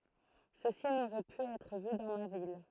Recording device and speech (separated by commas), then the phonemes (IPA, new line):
throat microphone, read sentence
səsi noʁɛ py ɛtʁ vy dɑ̃ ma vil